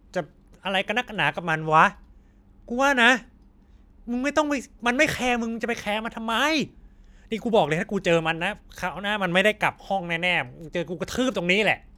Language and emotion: Thai, angry